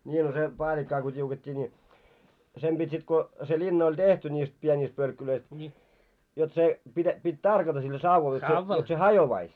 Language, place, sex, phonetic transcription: Finnish, Moloskovitsa, male, ńii no se , 'paaĺikkaa ko t́iuket́t́ii ńi , sem pit́ sit ko se 'linna oĺ "tehti ńiist 'pieńiist pölkkulöist , jot se , pitä- pit́ "tarkata sillä sauval jot se , jot se 'hajovais .
- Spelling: niin no se paalikkaa kun tiukettiin niin sen piti sitten kun se linna oli tehtiin niistä pienistä pölkkylöistä jotta se - piti tarkata sillä sauvalla jotta se jotta se hajoaisi

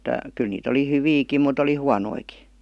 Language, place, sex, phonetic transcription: Finnish, Vihti, female, 'kyl niit ‿oli "hyviikim mut ‿oli "huanoiki .
- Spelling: kyllä niitä oli hyviäkin mutta oli huonojakin

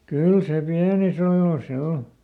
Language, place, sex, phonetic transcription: Finnish, Lieto, male, "kyl se ˈpiäniˈs ‿olòs (ˈse ol) .
- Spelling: kyllä se pienissä oloissa se oli

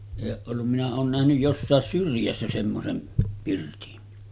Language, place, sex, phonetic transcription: Finnish, Sotkamo, male, èi oo’ ’ollum minä oon nähnyj 'jossàes 'syrjässä semmosem pirtin .
- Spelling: ei ole ollut minä olen nähnyt jossakin syrjässä semmoisen pirtin

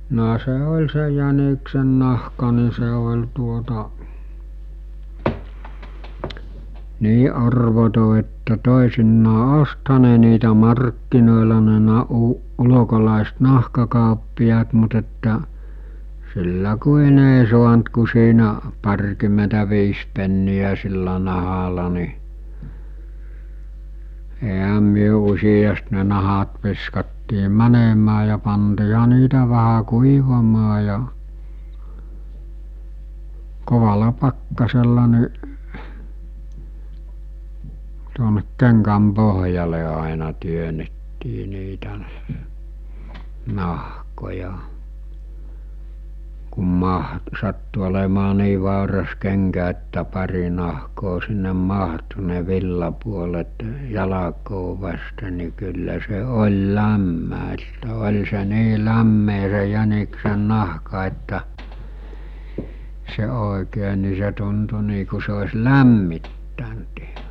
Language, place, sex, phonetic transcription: Finnish, Mikkeli, male, no se 'ol̜ se jäniksennahka ni se ol̜ tuota , 'nii arvoto että 'tòesinnaa "ostha ne niitä 'markkinòela ne 'na- u- , 'ulokolàest 'nahkakàoppi₍aat mut ‿että , sillä 'kuin ‿ei suant ku siinä , 'par̜kym̆mentä'viis pennijä sillä 'nahala ni , eɦä myö usijast ne 'nahat viskattii 'mänemää ja pantiiha niitä 'vähä "kuivamaa ja , 'kovala 'pakkasella niˀ , tuonek 'keŋkäm 'poɦjale àena 'työnettii niitä , 'nahkoja , kum 'mah- , sattu olemaa 'nii vàuras 'keŋkä että 'pari nahkoo sinnem 'mahtu ne 'villapuolet , 'jalakoo vaste ni kyllä se 'oĺ "lämmä että oĺ se 'nii 'lämmee se 'jäniksen̆'nahka että , se òekee ni se tuntu nii ku se os̜ "lämmittänt iɦᴀ .
- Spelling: no se oli se jäniksennahka niin se oli tuota niin arvoton että toisinaan ostihan ne niitä markkinoilla ne - - ulkolaiset nahkakauppiaat mutta että sillä kuin ei saanut kuin siinä parikymmentäviisi penniä sillä nahalla niin eihän me useasti ne nahat viskattiin menemään ja pantiinhan niitä vähän kuivamaan ja kovalla pakkasella niin tuonne kengän pohjalle aina työnnettiin niitä nahkoja kun - sattui olemaan niin vauras kenkä että pari nahkaa sinne mahtui ne villapuolet jalkaa vasten niin kyllä se oli lämmin että oli se niin lämmin se jäniksennahka että se oikein niin se tuntui niin kuin se olisi lämmittänyt ihan

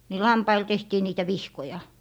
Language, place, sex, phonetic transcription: Finnish, Lappee, female, ni "lampail 'tehtii niitä "vihkoja .
- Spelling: niin lampaille tehtiin niitä vihkoja

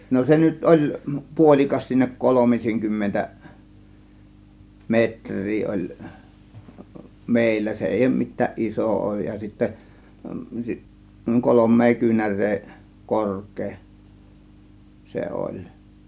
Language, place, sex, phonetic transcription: Finnish, Kiihtelysvaara, male, no 'se nyt "ˀoĺ , 'puolikas s(iinä) 'kolomiseŋ kymmentä , "metr̆rii 'oĺ , "mèillä 'se "èij ‿òŭm mit̆tääˀ "ˀisò , 'òŭj ja sittä , 'kolom̆mee kyynär̆ree , "kork̀ee , 'se "oĺ .
- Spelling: no se nyt oli puolikas siinä kolmisen kymmentä metriä oli meillä se ei ole mitään iso ole ja sitten kolme kyynärää korkea se oli

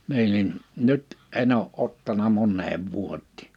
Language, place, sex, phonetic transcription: Finnish, Liperi, male, 'nii nin , 'nʏt , 'en ‿oo '’ottana 'monneev 'vuot́tɪ̳̀ .
- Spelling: niin niin nyt en ole ottanut moneen vuoteen

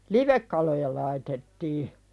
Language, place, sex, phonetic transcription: Finnish, Pälkäne, female, livekkaloja laitettii .
- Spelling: livekaloja laitettiin

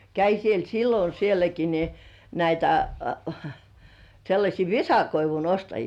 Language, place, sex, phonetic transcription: Finnish, Kurkijoki, female, 'käi siel "sillo 'sieläki ni , näitä , 'sellaśii "visakoivun 'ostajii .
- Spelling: kävi siellä silloin sielläkin niin näitä sellaisia visakoivun ostajia

